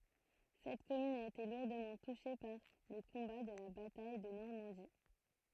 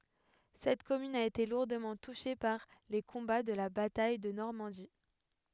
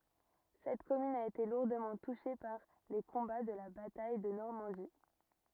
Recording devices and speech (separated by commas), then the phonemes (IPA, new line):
throat microphone, headset microphone, rigid in-ear microphone, read sentence
sɛt kɔmyn a ete luʁdəmɑ̃ tuʃe paʁ le kɔ̃ba də la bataj də nɔʁmɑ̃di